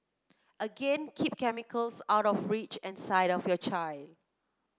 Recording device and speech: close-talking microphone (WH30), read sentence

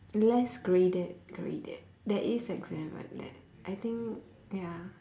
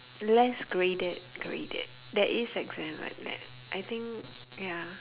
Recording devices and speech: standing microphone, telephone, conversation in separate rooms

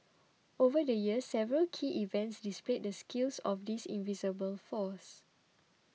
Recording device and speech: mobile phone (iPhone 6), read sentence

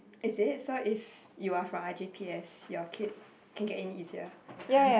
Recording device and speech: boundary microphone, conversation in the same room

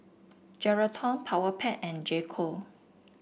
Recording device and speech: boundary microphone (BM630), read sentence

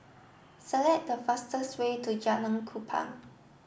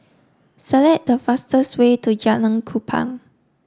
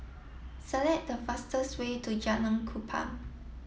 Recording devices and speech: boundary microphone (BM630), standing microphone (AKG C214), mobile phone (iPhone 7), read sentence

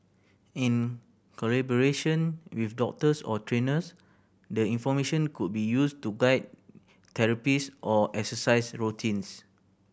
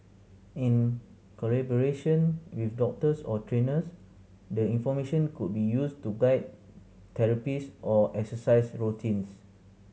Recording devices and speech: boundary microphone (BM630), mobile phone (Samsung C7100), read sentence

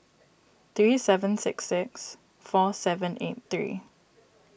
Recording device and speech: boundary microphone (BM630), read sentence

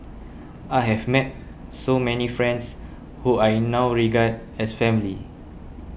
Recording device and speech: boundary microphone (BM630), read sentence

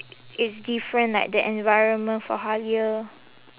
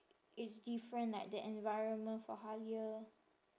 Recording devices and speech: telephone, standing microphone, conversation in separate rooms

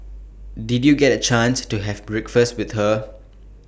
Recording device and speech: boundary microphone (BM630), read sentence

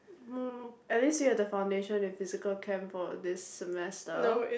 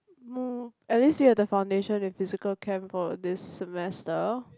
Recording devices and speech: boundary microphone, close-talking microphone, conversation in the same room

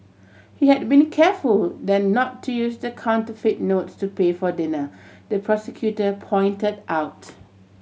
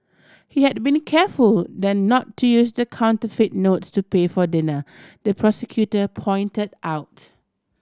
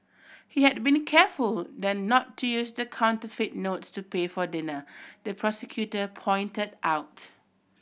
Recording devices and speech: mobile phone (Samsung C7100), standing microphone (AKG C214), boundary microphone (BM630), read sentence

